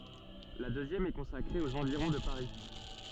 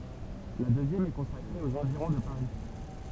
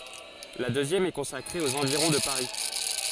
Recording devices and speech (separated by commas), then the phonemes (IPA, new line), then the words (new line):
soft in-ear microphone, temple vibration pickup, forehead accelerometer, read sentence
la døzjɛm ɛ kɔ̃sakʁe oz ɑ̃viʁɔ̃ də paʁi
La deuxième est consacrée aux environs de Paris.